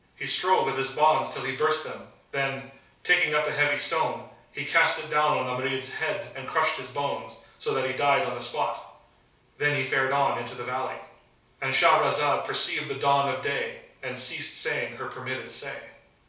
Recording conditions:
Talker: one person; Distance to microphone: 3.0 m; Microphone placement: far; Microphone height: 1.8 m; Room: small (3.7 m by 2.7 m); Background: none

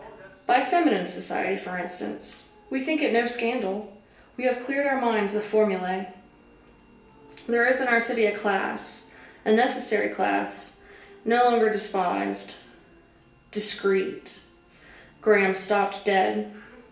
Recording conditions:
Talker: one person; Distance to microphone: 1.8 m; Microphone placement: close; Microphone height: 1.0 m; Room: large; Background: television

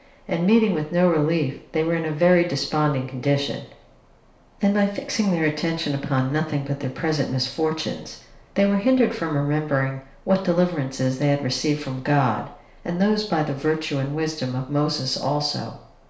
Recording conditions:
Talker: one person; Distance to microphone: 1.0 m; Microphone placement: close; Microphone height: 1.1 m; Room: small (3.7 m by 2.7 m); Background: none

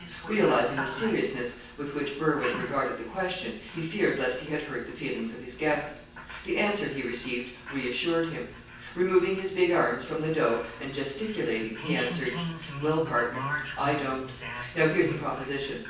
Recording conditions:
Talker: one person; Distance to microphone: 9.8 m; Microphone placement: far; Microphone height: 1.8 m; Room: large; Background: television

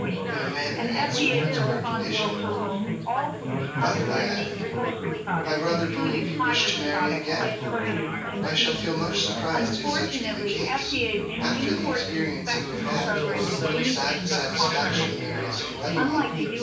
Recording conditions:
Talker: one person; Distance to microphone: 9.8 m; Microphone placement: far; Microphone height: 1.8 m; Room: large; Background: babble

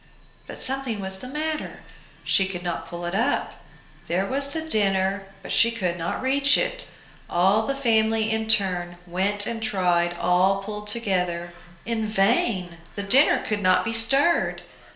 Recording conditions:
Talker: one person; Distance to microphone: 1.0 m; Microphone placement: close; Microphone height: 1.1 m; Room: small (3.7 m by 2.7 m); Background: television

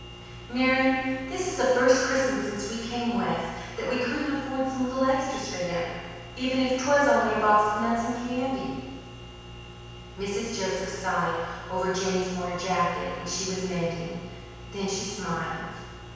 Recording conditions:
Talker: one person; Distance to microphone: 7.1 m; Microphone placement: far; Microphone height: 1.7 m; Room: very reverberant, large; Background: none

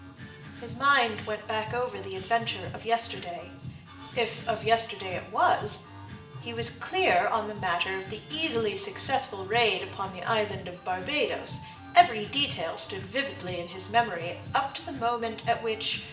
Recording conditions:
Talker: one person; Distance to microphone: 1.8 m; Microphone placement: close; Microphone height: 1.0 m; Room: large; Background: music

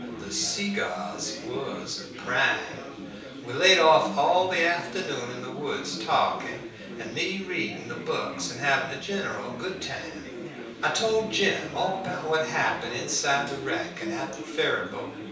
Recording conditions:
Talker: one person; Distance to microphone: 3.0 m; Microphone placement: far; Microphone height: 1.8 m; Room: small (3.7 m by 2.7 m); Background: babble

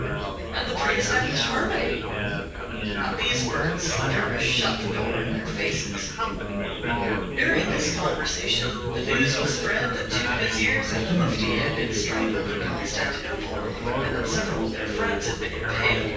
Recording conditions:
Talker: one person; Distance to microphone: 9.8 m; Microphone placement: far; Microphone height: 1.8 m; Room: large; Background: babble

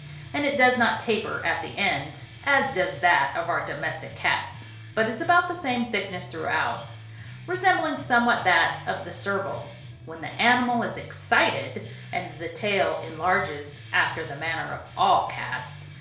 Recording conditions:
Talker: one person; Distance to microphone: 1.0 m; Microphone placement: close; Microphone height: 1.1 m; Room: small (3.7 m by 2.7 m); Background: music

